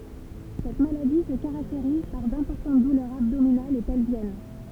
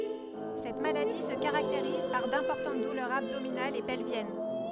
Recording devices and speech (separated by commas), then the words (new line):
temple vibration pickup, headset microphone, read sentence
Cette maladie se caractérise par d'importantes douleurs abdominales et pelviennes.